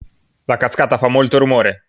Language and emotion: Italian, angry